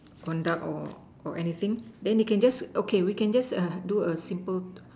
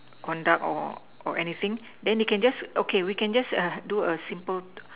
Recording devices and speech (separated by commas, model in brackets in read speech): standing microphone, telephone, conversation in separate rooms